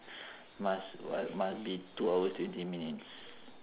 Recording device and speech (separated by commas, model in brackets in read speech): telephone, conversation in separate rooms